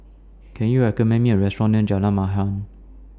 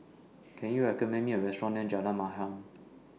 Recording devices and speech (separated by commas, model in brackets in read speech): standing microphone (AKG C214), mobile phone (iPhone 6), read sentence